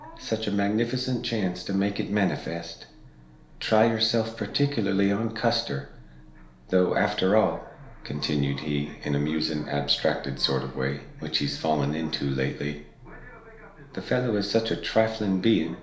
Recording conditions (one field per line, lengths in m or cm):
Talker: one person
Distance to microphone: 1.0 m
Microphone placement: close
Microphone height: 1.1 m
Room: small (3.7 m by 2.7 m)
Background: television